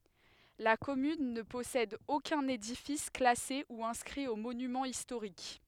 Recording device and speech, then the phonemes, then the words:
headset microphone, read sentence
la kɔmyn nə pɔsɛd okœ̃n edifis klase u ɛ̃skʁi o monymɑ̃z istoʁik
La commune ne possède aucun édifice classé ou inscrit aux monuments historiques.

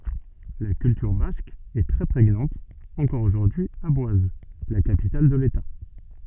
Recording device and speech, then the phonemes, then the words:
soft in-ear microphone, read sentence
la kyltyʁ bask ɛ tʁɛ pʁeɲɑ̃t ɑ̃kɔʁ oʒuʁdyi a bwaz la kapital də leta
La culture basque est très prégnante encore aujourd’hui à Boise, la capitale de l’État.

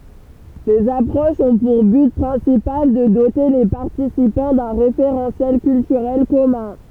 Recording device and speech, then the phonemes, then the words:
temple vibration pickup, read sentence
sez apʁoʃz ɔ̃ puʁ byt pʁɛ̃sipal də dote le paʁtisipɑ̃ dœ̃ ʁefeʁɑ̃sjɛl kyltyʁɛl kɔmœ̃
Ces approches ont pour but principal de doter les participants d'un référentiel culturel commun.

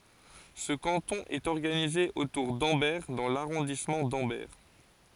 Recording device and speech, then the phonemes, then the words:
forehead accelerometer, read sentence
sə kɑ̃tɔ̃ ɛt ɔʁɡanize otuʁ dɑ̃bɛʁ dɑ̃ laʁɔ̃dismɑ̃ dɑ̃bɛʁ
Ce canton est organisé autour d'Ambert dans l'arrondissement d'Ambert.

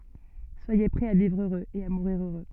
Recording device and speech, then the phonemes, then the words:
soft in-ear microphone, read sentence
swaje pʁɛz a vivʁ øʁøz e a muʁiʁ øʁø
Soyez prêts à vivre heureux et à mourir heureux.

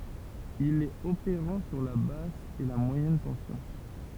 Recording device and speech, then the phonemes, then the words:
temple vibration pickup, read sentence
il ɛt opeʁɑ̃ syʁ la bas e mwajɛn tɑ̃sjɔ̃
Il est opérant sur la basse et moyenne tension.

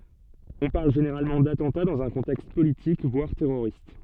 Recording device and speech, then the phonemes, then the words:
soft in-ear microphone, read sentence
ɔ̃ paʁl ʒeneʁalmɑ̃ datɑ̃ta dɑ̃z œ̃ kɔ̃tɛkst politik vwaʁ tɛʁoʁist
On parle généralement d'attentat dans un contexte politique, voire terroriste.

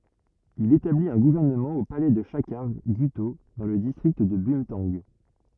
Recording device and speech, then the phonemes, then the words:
rigid in-ear microphone, read sentence
il etablit œ̃ ɡuvɛʁnəmɑ̃ o palɛ də ʃakaʁ ɡyto dɑ̃ lə distʁikt də bœ̃tɑ̃ɡ
Il établit un gouvernement au palais de Chakhar Gutho, dans le district de Bumthang.

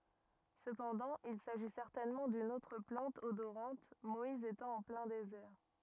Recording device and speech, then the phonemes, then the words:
rigid in-ear microphone, read sentence
səpɑ̃dɑ̃ il saʒi sɛʁtɛnmɑ̃ dyn otʁ plɑ̃t odoʁɑ̃t mɔiz etɑ̃ ɑ̃ plɛ̃ dezɛʁ
Cependant, il s'agit certainement d'une autre plante odorante, Moïse étant en plein désert.

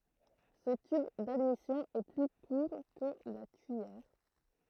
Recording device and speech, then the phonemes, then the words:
throat microphone, read sentence
sə tyb dadmisjɔ̃ ɛ ply kuʁ kə la tyijɛʁ
Ce tube d'admission est plus court que la tuyère.

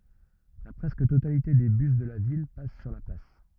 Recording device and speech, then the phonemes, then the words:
rigid in-ear microphone, read sentence
la pʁɛskə totalite de bys də la vil pas syʁ la plas
La presque totalité des bus de la ville passent sur la place.

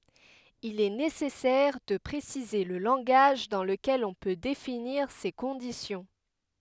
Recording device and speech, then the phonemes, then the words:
headset microphone, read sentence
il ɛ nesɛsɛʁ də pʁesize lə lɑ̃ɡaʒ dɑ̃ ləkɛl ɔ̃ pø definiʁ se kɔ̃disjɔ̃
Il est nécessaire de préciser le langage dans lequel on peut définir ces conditions.

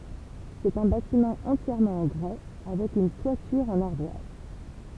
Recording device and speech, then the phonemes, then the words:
temple vibration pickup, read sentence
sɛt œ̃ batimɑ̃ ɑ̃tjɛʁmɑ̃ ɑ̃ ɡʁɛ avɛk yn twatyʁ ɑ̃n aʁdwaz
C'est un bâtiment entièrement en grès, avec une toiture en ardoise.

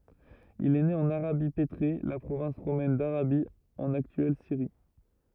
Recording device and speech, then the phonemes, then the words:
rigid in-ear microphone, read sentence
il ɛ ne ɑ̃n aʁabi petʁe la pʁovɛ̃s ʁomɛn daʁabi ɑ̃n aktyɛl siʁi
Il est né en Arabie pétrée, la province romaine d'Arabie, en actuelle Syrie.

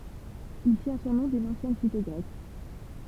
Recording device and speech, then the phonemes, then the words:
temple vibration pickup, read sentence
il tjɛ̃ sɔ̃ nɔ̃ dyn ɑ̃sjɛn site ɡʁɛk
Il tient son nom d'une ancienne cité grecque.

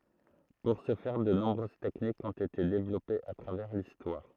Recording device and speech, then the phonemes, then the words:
throat microphone, read sentence
puʁ sə fɛʁ də nɔ̃bʁøz tɛknikz ɔ̃t ete devlɔpez a tʁavɛʁ listwaʁ
Pour ce faire, de nombreuses techniques ont été développées à travers l'histoire.

